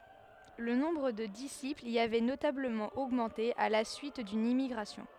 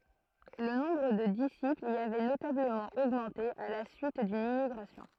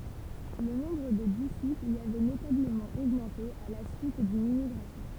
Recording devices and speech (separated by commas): headset microphone, throat microphone, temple vibration pickup, read sentence